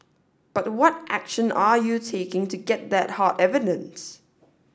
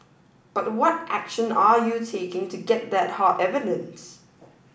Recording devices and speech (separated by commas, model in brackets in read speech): standing microphone (AKG C214), boundary microphone (BM630), read sentence